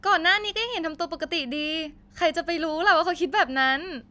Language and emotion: Thai, happy